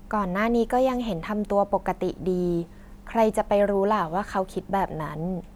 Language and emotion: Thai, neutral